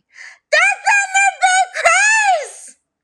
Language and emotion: English, surprised